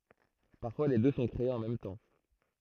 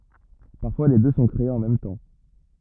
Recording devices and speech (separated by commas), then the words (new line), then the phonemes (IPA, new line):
throat microphone, rigid in-ear microphone, read sentence
Parfois les deux sont créés en même temps.
paʁfwa le dø sɔ̃ kʁeez ɑ̃ mɛm tɑ̃